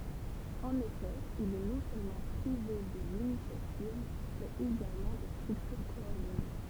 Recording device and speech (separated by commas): temple vibration pickup, read sentence